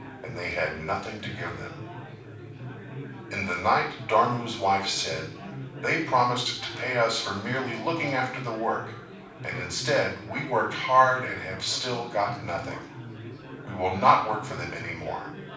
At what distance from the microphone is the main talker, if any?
5.8 m.